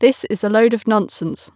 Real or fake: real